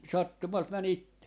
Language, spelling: Finnish, sattumalta meni itse
- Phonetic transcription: 'sattumalt 'män ‿itte .

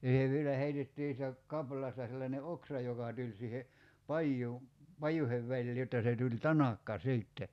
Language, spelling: Finnish, ja se vielä heitettiin siitä kaplaasta sellainen oksa joka tuli siihen paja pajujen väliin jotta se tuli tanakka sitten
- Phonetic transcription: ja se 'vielä heitettii (siitä) , 'kapl̀aasta sellańe "oksa joka 'tuĺ siihe , "pajjuu , "pajuhev 'väĺlii jotta 'se tuĺ "tanakka 'sìtte .

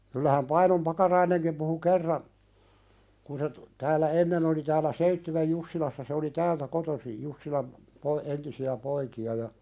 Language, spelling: Finnish, kyllähän Painon Pakarainenkin puhui kerran kun se - täällä ennen oli täällä Seitsiön Jussilassa se oli täältä kotoisin Jussilan - entisiä poikia ja
- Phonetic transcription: kyllähäm 'Painom "Pakaraineŋkim puhu "kerran , kun se tu- , tääl̆lä 'ennen ‿oli tääl̆lä "Seittywej 'Jussilassa se oli "täältä kotosij 'Jussilam , po- , 'entisi₍ä "poiki₍a ja ,.

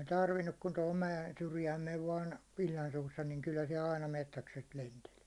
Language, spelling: Finnish, ei tarvinnut kuin tuohon mäen syrjään meni vain illan suussa niin kyllä siellä aina metsäkset lenteli
- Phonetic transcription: ei 'tarvinnuk kun tohom 'mäjen syrjääm mev vaan , il̜l̜an suussa niŋ kyllä siɛ'l ‿aina 'mettäkset lentel .

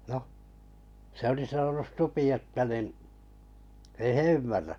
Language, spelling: Finnish, no se oli sanonut supi että niin ei he ymmärrä
- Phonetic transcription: noh , 'se oli 'sanonus "supi että nin , ei "he 'ymmärrä .

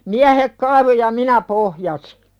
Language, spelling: Finnish, miehet kaivoi ja minä pohjasin
- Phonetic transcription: miähek kaivo ja 'minä pohjasɪ .

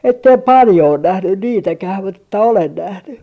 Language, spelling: Finnish, että en paljon ole nähnyt niitäkään mutta että olen nähnyt
- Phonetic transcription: 'ettem "paljo on 'nähnyn 'niitäkäh mut ‿että "olen 'nähny .

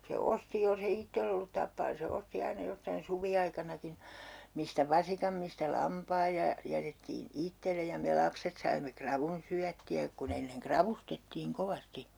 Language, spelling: Finnish, se osti jos ei itsellä ollut tappaa niin se osti aina jostakin suviaikanakin mistä vasikan mistä lampaan ja ja jätettiin itselle ja me lapset saimme ravun syöttiä kun ennen ravustettiin kovasti
- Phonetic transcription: se 'osti jolse 'ittell ‿ollut tappaa ni se 'osti 'aina 'jostain "suvi₍aikanakin̬ , mistä "vasikam mistä "lampaaj ja , ja 'jätettiin "ittele ja me 'lapset saimme 'kravun syätti₍ä ku'n ‿enneŋ "kravustettiiŋ 'kovasti .

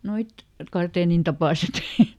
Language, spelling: Finnish, nuo karteenin tapaiset
- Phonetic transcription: ˈnoit , ˈkarteenin tapàset .

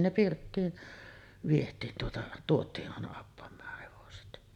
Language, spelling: Finnish, ne pirttiin vietiin tuota tuotiin aina appamaan hevoset
- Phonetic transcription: 'ne "pirttiin , viet̀iin tuota , 'tuot̀ii’ ’àena appam̀aah 'hevoset .

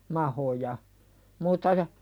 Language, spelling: Finnish, mahoja muuta ja
- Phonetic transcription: mahoja , muutta ja ,.

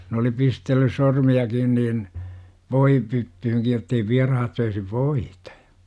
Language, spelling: Finnish, ne oli pistellyt sormiakin niin voipyttyynkin jotta ei vieraat söisi voita
- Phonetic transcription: n ‿oli 'pistellys 'sormi₍a-kin niin , "voipyttyhyŋkij jottei 'viarahat söisi "voitA .

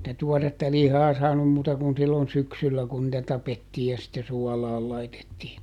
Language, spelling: Finnish, sitä tuoretta lihaa saanut muuta kuin silloin syksyllä kun niitä tapettiin ja sitten suolaan laitettiin
- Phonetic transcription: [si]tä ˈtuɔretta ˈlihaa saanum muuta kun sillon "syksyllä kun nⁱtä ˈtapettii ja sitte ˈsuɔlaal ˈlaitettiin̬ .

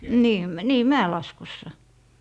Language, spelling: Finnish, niin niin mäenlaskussa
- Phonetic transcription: nii , 'nii "mä₍elaskussa .

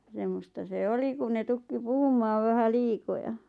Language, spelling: Finnish, semmoista se oli kun ne tukki puhumaan vähän liikoja
- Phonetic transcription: 'semmosta se "oli kun ne 'tukki "puhum̆maav 'vähä "liikoja .

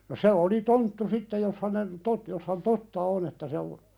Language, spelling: Finnish, no se oli tonttu sitten jos hänen totta jos hän totta on että se on
- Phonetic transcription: no "se oli "tonttu 'sitteʲ jos hänen , 'tot- , jos hän "totta on että se o- ,.

